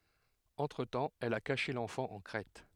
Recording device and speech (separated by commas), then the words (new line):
headset microphone, read sentence
Entre-temps, elle a caché l'enfant en Crète.